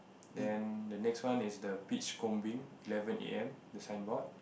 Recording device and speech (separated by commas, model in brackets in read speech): boundary microphone, conversation in the same room